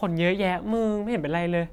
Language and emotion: Thai, neutral